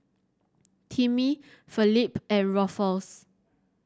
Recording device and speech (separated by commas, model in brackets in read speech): standing microphone (AKG C214), read sentence